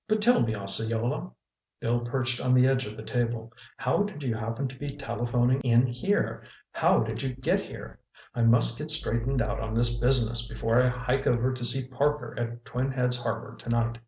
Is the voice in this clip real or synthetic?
real